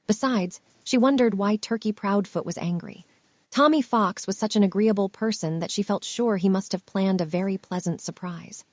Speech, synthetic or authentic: synthetic